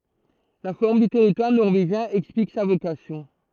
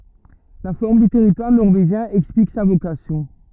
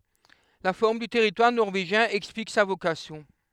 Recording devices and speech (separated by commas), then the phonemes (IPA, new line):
throat microphone, rigid in-ear microphone, headset microphone, read sentence
la fɔʁm dy tɛʁitwaʁ nɔʁveʒjɛ̃ ɛksplik sa vokasjɔ̃